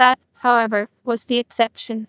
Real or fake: fake